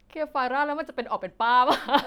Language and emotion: Thai, happy